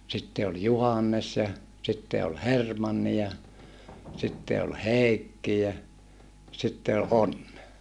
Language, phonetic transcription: Finnish, sitte ol Juhannes ja , sitte ol Hermanni ja , sitte ol Hèikki jä , sitte o ʼOnne .
- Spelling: sitten oli Juhannes ja sitten oli Hermanni ja sitten oli Heikki ja sitten on Onne

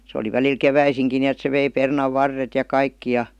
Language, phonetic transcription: Finnish, se oli 'väliil "keväisiŋki 'ni₍et se vei 'pernav'varret ja ''kaikki ja .
- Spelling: se oli välillä keväisinkin niin että se vei perunanvarret ja kaikki ja

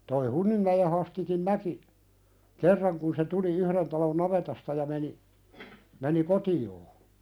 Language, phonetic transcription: Finnish, toi 'Hunnimmäje Hastikin "näki , "kerraŋ kun se 'tuli "yhðen talon 'navetasta ja meni , meni "koti₍oo .
- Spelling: tuo Hunninmäen Hastikin näki kerran kun se tuli yhden talon navetasta ja meni meni kotiinsa

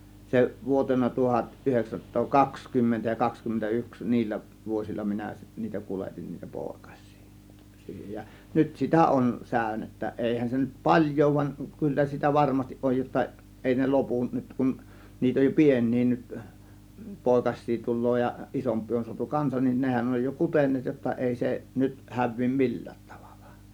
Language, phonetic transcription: Finnish, 'se vuotena 'tuhat 'ˀyheksänsat̆too 'kakskymmentä ja 'kakskymmentä 'yks "niillä , 'vuosilla 'minä , niitä 'kuletin niitä 'pòėkas̆sII , 'siihej ja , "nyt sitä 'ˀon 'sä̀ö̇nettä , 'èihän se nyt "paĺjo ‿ᵘv van , 'kyllä sitä "varmastiˀ ˀoj jotta , 'èi ne "lopun nyt kun , niit ‿oj jo "pień̆nii nyt , "pòėkas̆sii 'tul̆loo ja 'isomp̆pii on suatu 'kansan nin 'nehän oj jo "kuten̆neet jotta 'èi se , 'nyt 'häv̆vii "mi̬l̀lÄÄt 'tAVALLA .
- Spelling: se vuotena tuhat yhdeksänsataa kaksikymmentä ja kaksikymmentä yksi niillä vuosilla minä niitä kuljetin niitä poikasia siihen ja nyt sitä on säynettä eihän se nyt paljon ole vaan kyllä sitä varmasti oli jotta ei ne lopu nyt kun niitä on jo pieniä nyt poikasia tulee ja isompia on saatu kanssa niin nehän on jo kuteneet jotta ei se nyt häviä millään tavalla

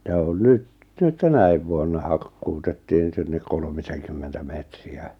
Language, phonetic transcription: Finnish, ja on "nyᵗ , "nyt 'tänäiv vuonna 'hakkutettiiŋ sinnek 'kolmiseŋkymmentä metri₍ä .
- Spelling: ja on nyt nyt tänä vuonna hakkuutettiin sinne kolmisenkymmentä metriä

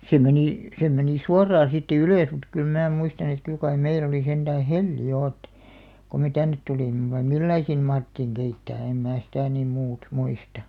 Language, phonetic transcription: Finnish, 'se menì , 'se 'menì "suaraa siittä "ylö̀s mut 'kyl mää muistan ‿et 'kyl kai 'meil ‿oli senᴅää "helli 'jo ᵉt , ko me "tännet 'tulim̆me vai "millai siin 'mahrettiiŋ 'keittää "em mää sitä̀§ nim 'muut , 'muista .
- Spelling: se meni se meni suoraan siitä ylös mutta kyllä minä muistan että kyllä kai meillä oli sentään hella jo että kun me tänne tulimme vai millä lailla siinä mahdettiin keittää en minä sitä niin muuta muista

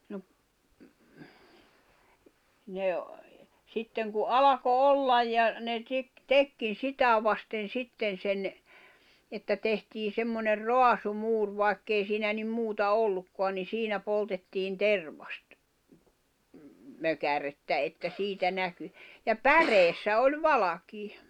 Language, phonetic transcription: Finnish, no ‿p- , ne , 'sitteŋ ku "'alako "ollaj ja , ne tik- , 'tekkin̬ "sitä vasten̬ 'sitten̬ sen , että 'tehtii semmoner "roasu'muur 'vài̬kk ‿ei siinä nim 'muuta 'ollukkoan ni "siinä 'poltettiin "tervast- , -'mökärettä että 'siitä 'näky , ja "päreessä oĺ "valakii .
- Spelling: no - ne sitten kun alkoi olla ja ne - teki sitä vasten sitten sen että tehtiin semmoinen raasumuuri vaikka ei siinä niin muuta ollutkaan niin siinä poltettiin - tervasmökärettä että siitä näkyi ja päreessä oli valkea

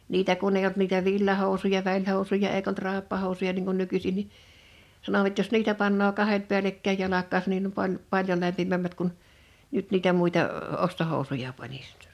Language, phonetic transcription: Finnish, 'niitä kun ‿eij ‿olt niitä 'villahòusuja 'väĺhòusuja 'eik ‿olt 'ràeppahòu̬suja niŋ kun 'nykysin ni , 'sanovat jos "niitä pannoo 'kahet 'pi̬älekkäij 'jalak̆kaasan nim pan- , 'paljo lämpimämmät kun , 'nyt niitä 'mùita , 'ostohòu̬suja panis .
- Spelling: niitä kun ei ollut niitä villahousuja välihousuja eikä ollut raippahousuja niin kuin nykyisin niin sanovat jos niitä panee kahdet päällekkäin jalkaansa niin - paljon lämpimämmät kuin nyt niitä muita ostohousuja panisi

